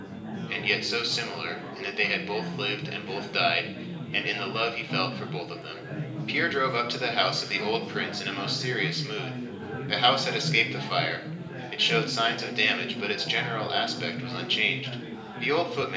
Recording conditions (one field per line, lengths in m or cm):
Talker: one person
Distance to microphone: 1.8 m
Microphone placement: close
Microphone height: 1.0 m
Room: large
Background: babble